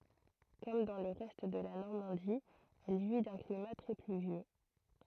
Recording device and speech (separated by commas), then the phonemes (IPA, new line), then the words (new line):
throat microphone, read sentence
kɔm dɑ̃ lə ʁɛst də la nɔʁmɑ̃di ɛl ʒwi dœ̃ klima tʁɛ plyvjø
Comme dans le reste de la Normandie elle jouit d'un climat très pluvieux.